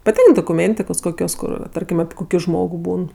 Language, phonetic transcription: Lithuanian, paˈtink dokuˈmėntikos ˈkokios ˈkur ˈtarkim api ˈkoki ˈžmogu ˈbūn

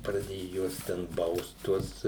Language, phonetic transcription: Lithuanian, praˈdėju ˈjuos ten ˈbaust ˈtuos

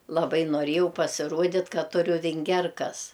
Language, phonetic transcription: Lithuanian, laˈbai noˈrėjau pasiˈruodit' ˈkad ˈturiu vinˈgerkas

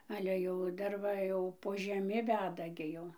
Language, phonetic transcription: Lithuanian, ˈale jau ˈdar va jau po žeˈmi ˈveda ˈgi ˈjau

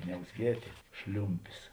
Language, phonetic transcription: Lithuanian, niauzˈgietė ˈšliumpis

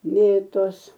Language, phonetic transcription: Lithuanian, ˈmėtos

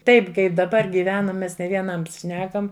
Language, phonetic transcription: Lithuanian, ˈtaip ˈkaip daˈbar gyˈvenam ˈmes ne vieˈnams ˈšnekam

